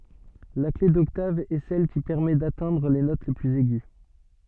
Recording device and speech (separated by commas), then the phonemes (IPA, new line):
soft in-ear microphone, read sentence
la kle dɔktav ɛ sɛl ki pɛʁmɛ datɛ̃dʁ le not plyz ɛɡy